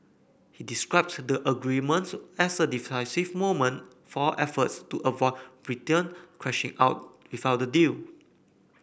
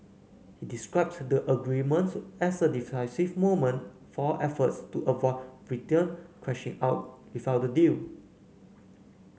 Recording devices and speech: boundary microphone (BM630), mobile phone (Samsung C9), read sentence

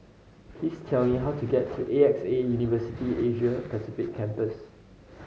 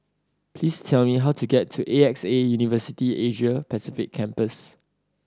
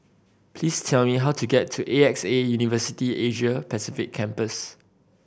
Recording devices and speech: mobile phone (Samsung C5010), standing microphone (AKG C214), boundary microphone (BM630), read sentence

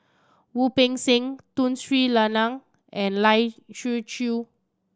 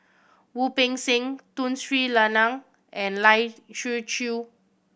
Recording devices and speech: standing microphone (AKG C214), boundary microphone (BM630), read sentence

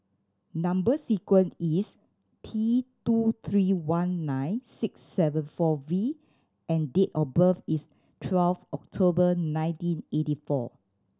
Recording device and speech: standing microphone (AKG C214), read sentence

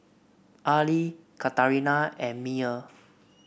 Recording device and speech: boundary microphone (BM630), read sentence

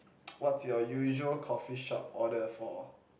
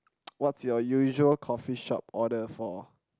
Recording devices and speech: boundary microphone, close-talking microphone, conversation in the same room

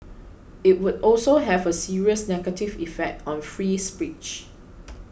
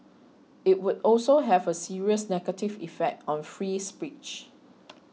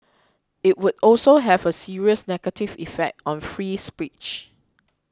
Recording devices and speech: boundary microphone (BM630), mobile phone (iPhone 6), close-talking microphone (WH20), read sentence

